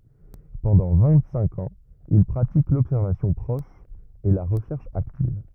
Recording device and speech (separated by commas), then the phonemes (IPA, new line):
rigid in-ear microphone, read sentence
pɑ̃dɑ̃ vɛ̃ɡtsɛ̃k ɑ̃z il pʁatik lɔbsɛʁvasjɔ̃ pʁɔʃ e la ʁəʃɛʁʃ aktiv